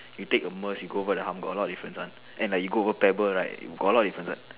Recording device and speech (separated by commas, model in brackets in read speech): telephone, conversation in separate rooms